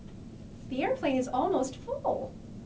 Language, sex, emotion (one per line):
English
female
happy